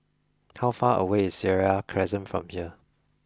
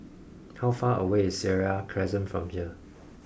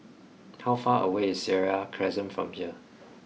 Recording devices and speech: close-talking microphone (WH20), boundary microphone (BM630), mobile phone (iPhone 6), read sentence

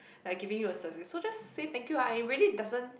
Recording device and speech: boundary microphone, conversation in the same room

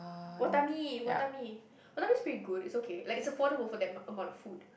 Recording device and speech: boundary microphone, conversation in the same room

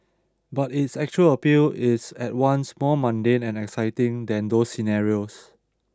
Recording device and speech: standing microphone (AKG C214), read sentence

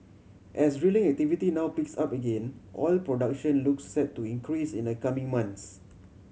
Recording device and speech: mobile phone (Samsung C7100), read sentence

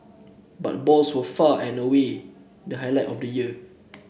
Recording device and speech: boundary microphone (BM630), read sentence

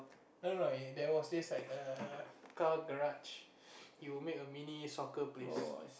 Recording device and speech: boundary microphone, conversation in the same room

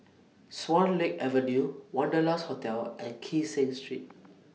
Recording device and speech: mobile phone (iPhone 6), read sentence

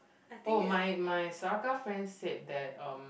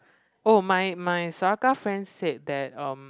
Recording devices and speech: boundary microphone, close-talking microphone, conversation in the same room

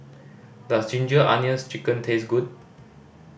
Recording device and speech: boundary microphone (BM630), read sentence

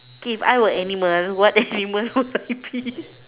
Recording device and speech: telephone, conversation in separate rooms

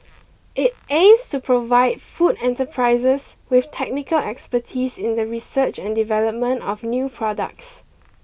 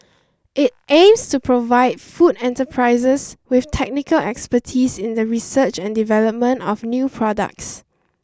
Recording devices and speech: boundary microphone (BM630), standing microphone (AKG C214), read sentence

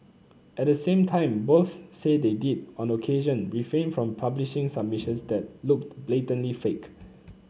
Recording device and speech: mobile phone (Samsung C9), read sentence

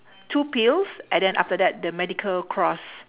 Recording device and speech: telephone, conversation in separate rooms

